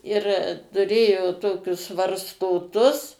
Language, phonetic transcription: Lithuanian, ir tuˈrėjo ˈtokius varstoˈtus

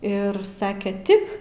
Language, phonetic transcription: Lithuanian, ˈir ˈsake ˈtik

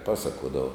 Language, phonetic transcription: Lithuanian, ˈpasakuodavo

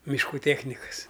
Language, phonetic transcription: Lithuanian, mišˈkų ˈtėchnikas

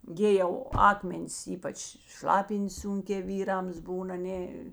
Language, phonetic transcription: Lithuanian, ˈgi jau ˈakmenis ˈypač ˈšlapin't's ˈsunkē ˈvyrams ˈbūn aˈnė

